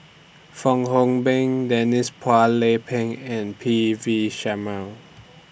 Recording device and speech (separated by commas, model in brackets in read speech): boundary microphone (BM630), read sentence